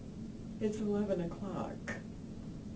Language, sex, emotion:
English, female, sad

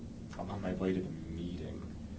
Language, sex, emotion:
English, male, neutral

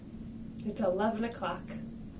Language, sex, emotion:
English, female, neutral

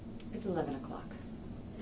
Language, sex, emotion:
English, female, neutral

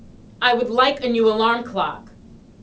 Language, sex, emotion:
English, female, angry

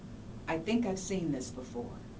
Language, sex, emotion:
English, female, neutral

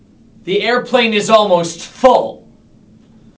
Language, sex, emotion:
English, male, angry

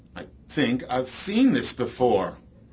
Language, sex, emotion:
English, male, disgusted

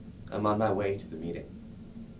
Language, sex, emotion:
English, male, neutral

